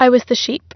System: none